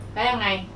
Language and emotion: Thai, frustrated